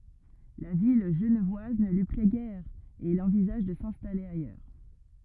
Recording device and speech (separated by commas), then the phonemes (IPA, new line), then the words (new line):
rigid in-ear microphone, read sentence
la vi ʒənvwaz nə lyi plɛ ɡɛʁ e il ɑ̃vizaʒ də sɛ̃stale ajœʁ
La vie genevoise ne lui plaît guère et il envisage de s'installer ailleurs.